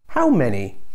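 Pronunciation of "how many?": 'How many?' is said with a falling tone.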